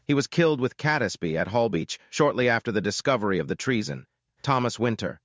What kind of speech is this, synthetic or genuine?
synthetic